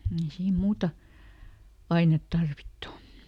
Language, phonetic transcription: Finnish, ˈei ˈsiim ˈmuuta , "ainet ˈtarvittu .
- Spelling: ei siinä muuta ainetta tarvittu

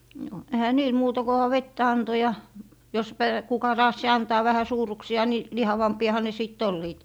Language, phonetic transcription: Finnish, no , ehä "niil 'muuta koha "vettä 'anto ja , jos pä- , kuka "raassi 'antaa vähä 'suur̀uksi₍a ni , "lihavampi₍aha ne sit 'olliit .
- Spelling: no eihän niillä muuta kunhan vettä antoi ja jos - kuka raatsi antaa vähän suuruksia niin lihavampiahan ne sitten olivat

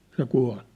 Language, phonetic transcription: Finnish, 'se 'kua̭l .
- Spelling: se kuoli

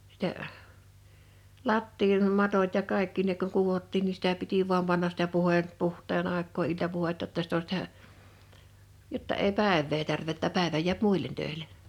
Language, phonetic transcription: Finnish, sitä , 'lattiin'matot ja 'kàekki ne kuŋ 'kuvottiin ni 'sitä piti vuam 'pannas sⁱtä 'puhè- , 'puh̀t̀een àek̆koo 'iltapuhetta ‿tta sit ‿o sⁱtä , 'jotta èi "pä̀evvee tärvè ‿ttä 'pä̀evä jiäp "mùil̆len 'töḙl̆e .
- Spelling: sitä lattiamatot ja kaikki ne kun kudottiin niin sitä piti vain panna sitä - puhteen aikaa iltapuhdetta jotta sitten on sitä jotta ei päivää tärvää että päivä jää muille töille

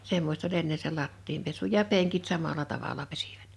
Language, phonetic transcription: Finnish, 'semmost ‿oĺ 'enne se 'lattiim pesu ja 'peŋkit 'samala 'tavala 'pesɪᴠᴀ̈t .
- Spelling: semmoista oli ennen se lattian pesu ja penkit samalla tavalla pesivät

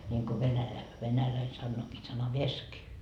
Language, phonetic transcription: Finnish, ńiŋko venälä- , venäläi sannookii 'sana"vesk .
- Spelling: niin kuin - venäläinen sanookin sanavesk

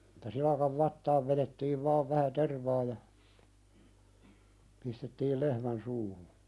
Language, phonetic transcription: Finnish, Että silakav 'vattaav veðettiiv 'vaav vähä "tervaa ja , pistettiil "lehmän suuhu .
- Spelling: Että silakan vatsaan vedettiin vain vähän tervaa ja pistettiin lehmän suuhun

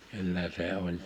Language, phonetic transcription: Finnish, 'kyllä 'se oĺ ,.
- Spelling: kyllä se oli

